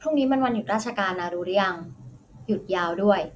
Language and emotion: Thai, neutral